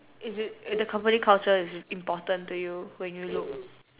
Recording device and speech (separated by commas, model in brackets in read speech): telephone, conversation in separate rooms